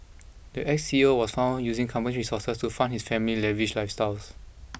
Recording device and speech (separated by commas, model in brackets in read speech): boundary microphone (BM630), read sentence